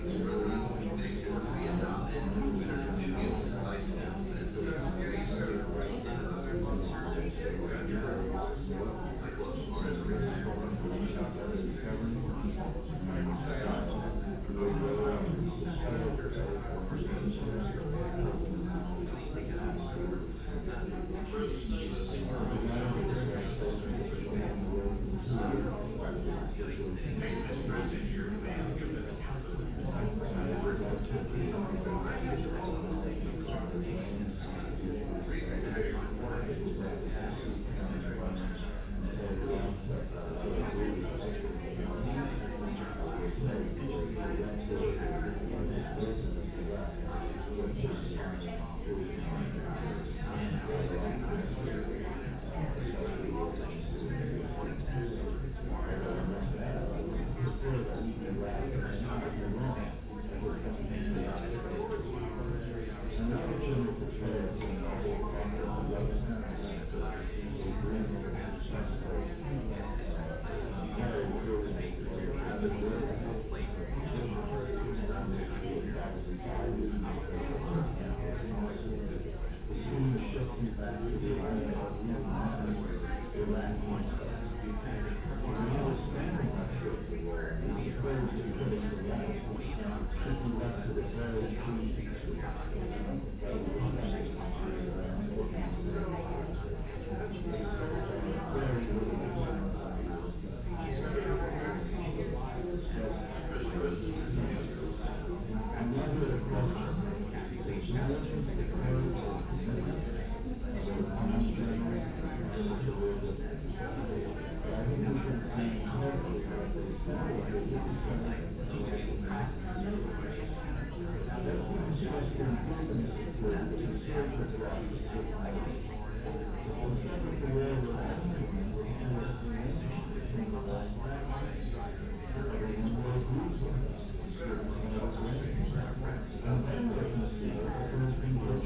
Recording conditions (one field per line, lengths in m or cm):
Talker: no one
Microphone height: 1.0 m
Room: large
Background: babble